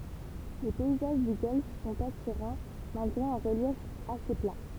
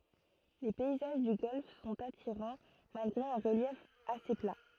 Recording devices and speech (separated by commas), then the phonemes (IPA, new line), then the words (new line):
temple vibration pickup, throat microphone, read sentence
le pɛizaʒ dy ɡɔlf sɔ̃t atiʁɑ̃ malɡʁe œ̃ ʁəljɛf ase pla
Les paysages du golfe sont attirants, malgré un relief assez plat.